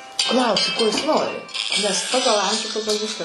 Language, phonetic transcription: Lithuanian, ˈklausi ˈko jis ˈnori nes ˈpagal ˈamžių ˈpagal ˈviska

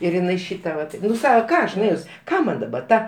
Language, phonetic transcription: Lithuanian, ir iˈnai ˈšyta ˈvat ˈnu ˈsaka ˈką aš nuˈėjus ˈką man daˈba ˈta

